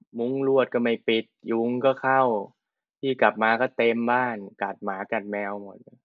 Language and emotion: Thai, frustrated